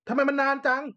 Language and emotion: Thai, angry